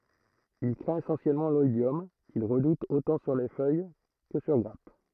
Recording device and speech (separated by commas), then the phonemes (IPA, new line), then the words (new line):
throat microphone, read sentence
il kʁɛ̃t esɑ̃sjɛlmɑ̃ lɔidjɔm kil ʁədut otɑ̃ syʁ fœj kə syʁ ɡʁap
Il craint essentiellement l'oïdium qu'il redoute autant sur feuille que sur grappe.